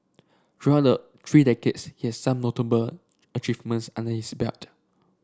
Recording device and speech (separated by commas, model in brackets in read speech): standing microphone (AKG C214), read sentence